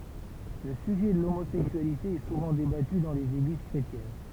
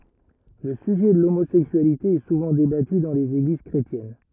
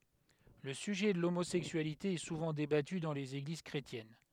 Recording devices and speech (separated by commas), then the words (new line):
temple vibration pickup, rigid in-ear microphone, headset microphone, read sentence
Le sujet de l'homosexualité est souvent débattu dans les églises chrétiennes.